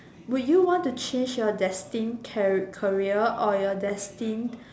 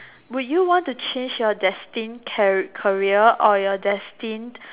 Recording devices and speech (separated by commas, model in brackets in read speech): standing microphone, telephone, conversation in separate rooms